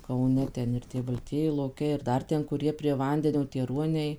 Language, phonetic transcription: Lithuanian, kauˈne ˈten ir ˈtie balˈtieji loˈkiai ir ˈdar ˈten kuˈrie prie ˈvandenio tie ˈruoniai

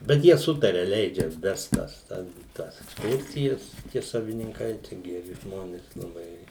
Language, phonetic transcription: Lithuanian, bet ˈjie ˈsutaria ˈleidžia ˈvest ˈtas ˈten ˈtas eksˈkursijas tie savininˈkai čia geˈri ˈžmonės laˈbai

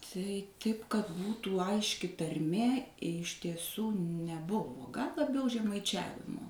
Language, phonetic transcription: Lithuanian, tai ˈtaip kad ˈbūtų ˈaiški tarˈmė iš tieˈsų neˈbuvo gal laˈbiau žemaiˈčiavimo

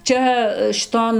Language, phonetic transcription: Lithuanian, ˈčia šiˈton

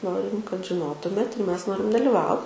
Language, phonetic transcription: Lithuanian, ˈnorim kad žiˈnotumėt ir ˈmes ˈnorim daliˈvau

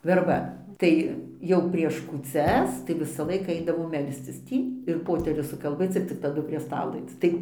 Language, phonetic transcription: Lithuanian, verˈba ˈtai ˈjau prieš kūˈcias tai visaˈlaiką ˈaidavo ˈmelscis ˈtį ir ˈpoterius sukalˈbėc ir cik taˈdu prie ˈstalo ˈaic ˈtai

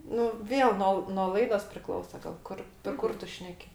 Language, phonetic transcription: Lithuanian, ˈnu ˈvėl ˈno l no ˈlaidos priˈklausa gal ˈkur per ˈkur ˈtu ˈšneki

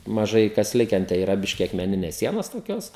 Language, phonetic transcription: Lithuanian, maˈžai kas ˈliken tai yˈra ˈbiški akmeˈnines ˈsienos toˈkios

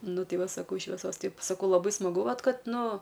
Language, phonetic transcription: Lithuanian, ˈnu ˈtei ˈva saˈkau šveˈsos ˈtaip saˈkau laˈbai smaˈgu ˈvat ˈkad ˈnu

